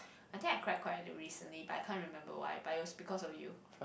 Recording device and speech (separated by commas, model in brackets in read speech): boundary microphone, conversation in the same room